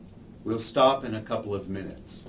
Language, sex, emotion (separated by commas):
English, male, neutral